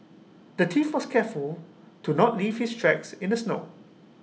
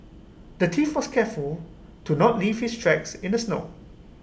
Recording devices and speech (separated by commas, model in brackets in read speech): mobile phone (iPhone 6), boundary microphone (BM630), read sentence